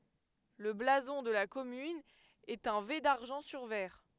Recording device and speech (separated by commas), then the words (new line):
headset microphone, read sentence
Le blason de la commune est un V d'argent sur vert.